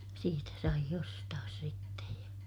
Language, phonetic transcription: Finnish, siitä saij ‿ostaas sittej ja ,.
- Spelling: siitä sai ostaa sitten ja

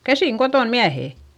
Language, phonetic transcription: Finnish, käsiŋ koton miähè !
- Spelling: käsin kotona miehet

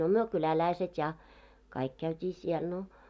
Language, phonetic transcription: Finnish, no 'myö 'kyläläiset ja , 'kaik käyt́ii siɛl no .
- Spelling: no me kyläläiset ja kaikki käytiin siellä no

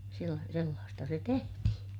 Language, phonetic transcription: Finnish, sella- , sellaasta se tehtihin .
- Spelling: - sellaista se tehtiin

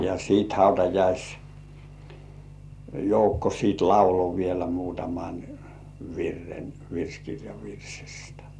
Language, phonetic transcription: Finnish, ja siit 'hautajais- , "-joukko siit "laulo vielä muutaman , "virren , 'virskirjav virsistᴀ̈ .
- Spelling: ja sitten - hautajaisjoukko sitten lauloi vielä muutaman virren virsikirjan virsistä

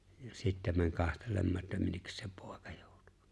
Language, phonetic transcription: Finnish, ja 'sitte̬ mäń 'kahtelemmaa että 'minnekkäs se 'pᴏ̀ᴇkᴀ ᴊᴏᴏᵁtᴜ .
- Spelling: ja sitten meni katselemaan että minne se poika joutui

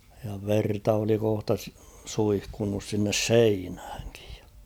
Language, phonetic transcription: Finnish, ja 'verta oli kohta s- 'suihkunnus sinnes ''seinhäŋɪᴊ ᴊᴀ .
- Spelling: ja verta oli kohta - suihkunnut sinne seinäänkin ja

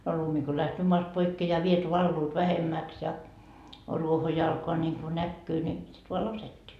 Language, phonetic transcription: Finnish, no 'lumi ko lähtöö moast 'poikkee ja viet 'valluut 'vähemmäks ja , 'ruoho jo alkoa ńiŋku 'näkkyy ni , sit voa "laset́t́ii .
- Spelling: no lumi kun lähtee maasta pois ja vedet valuvat vähemmäksi ja ruoho jo alkaa niin kuin näkyä niin sitten vain laskettiin

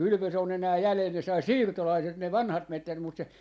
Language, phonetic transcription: Finnish, "kylvös ‿o'n ‿enää "jälel , ne sai "siirtolaiset ne "vanhat 'mettät mut se , .
- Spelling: kylvös on enää jäljellä ne sai siirtolaiset ne vanhat metsät mutta se

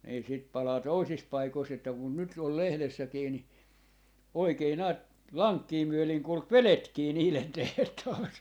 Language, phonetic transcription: Finnish, nii sit 'palaa "toisis 'paikois että kun 'nyt ol 'lehlessäkii ni , 'oikei 'näät , "laŋkkii 'myöleŋ 'kulk "veletkii niilen 'tehtaasee .
- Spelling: niin sitä palaa toisissa paikoissa että kun nyt oli lehdessäkin niin oikein näet lankkia myöden kulki vedetkin niiden tehtaaseen

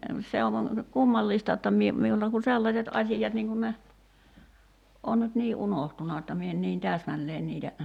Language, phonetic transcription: Finnish, se (on) , "kummallista etta 'mie , 'miulta ku 'sellaśet 'aśijat niŋ kun ne , 'on nyt 'nii "’unohtuna etta 'mie en niin "tääsmälleen niitä ,.
- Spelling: se on kummallista että minä minulta kun sellaiset asiat niin kun ne on nyt niin unohtunut% supiini että minä en niin täsmälleen niitä

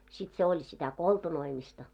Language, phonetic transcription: Finnish, sit 'se 'oĺ sitä "koltunoimista .
- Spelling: sitten se oli sitä koltunoimista

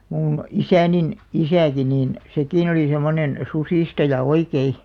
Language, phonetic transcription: Finnish, 'muun , "isänin , "isä̀§ki niin , "sekìn ‿oli semonen , "susìstaja 'oikei .
- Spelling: minun isäni isäkin niin sekin oli semmoinen susistaja oikein

